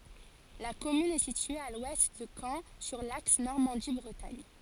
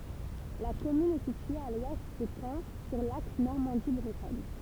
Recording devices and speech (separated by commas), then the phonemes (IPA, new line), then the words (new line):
forehead accelerometer, temple vibration pickup, read sentence
la kɔmyn ɛ sitye a lwɛst də kɑ̃ syʁ laks nɔʁmɑ̃di bʁətaɲ
La commune est située à l'ouest de Caen sur l'axe Normandie-Bretagne.